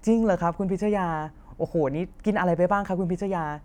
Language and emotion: Thai, happy